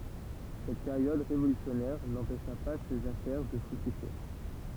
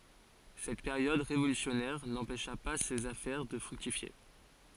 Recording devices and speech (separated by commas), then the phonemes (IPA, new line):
temple vibration pickup, forehead accelerometer, read sentence
sɛt peʁjɔd ʁevolysjɔnɛʁ nɑ̃pɛʃa pa sez afɛʁ də fʁyktifje